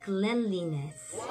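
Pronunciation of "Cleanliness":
'Cleanliness' is pronounced correctly here.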